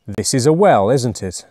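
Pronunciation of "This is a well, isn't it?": The tag 'isn't it' is said with a falling tone, as someone looking for agreement rather than asking a real question.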